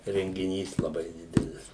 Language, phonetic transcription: Lithuanian, rengiˈnys laˈbai ˈdidelis

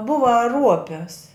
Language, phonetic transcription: Lithuanian, ˈbuva ˈruopis

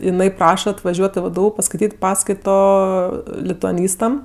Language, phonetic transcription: Lithuanian, iˈnai ˈpraša atvaˈžiuot' i ˈvdu paskaiˈtyt' ˈpaskaito lituaˈnystam

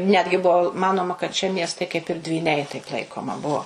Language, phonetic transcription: Lithuanian, ˈnetgi ˈbuo ˈmanoma kad šie ˈmiestai kaip ir dvyˈniai taip ˈlaikoma ˈbuo

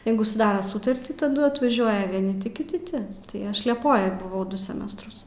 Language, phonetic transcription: Lithuanian, ˈjeigu suˈdaro ˈsutartį taˈdu atvaˈžiuoja vieˈni ˈti kiˈti ˈti tai ˈaš lieˈpojoj buˈvau ˈdu seˈmestrus

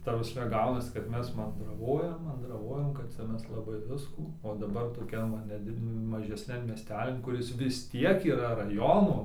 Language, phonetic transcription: Lithuanian, ˈta prasˈme ˈgaunasi kad ˈmes mandraˈvojam mandraˈvojam kad ˈcia ˈmes laˈbai ˈviskų o daˈbar toˈkian ˈva neˈdid mažeˈsnian mieˈstelin kuˈris vis ˈtiek yra raˈjono

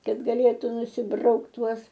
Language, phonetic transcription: Lithuanian, ˈkad gaˈlėtu nusiˈbraukt ˈtuos

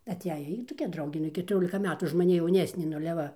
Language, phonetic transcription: Lithuanian, aˈteja ˈjy toˈkia ˈdraugė nu i ketuˈriolika ˈmetų už maˈni jauˈnesnė nu ale ˈva

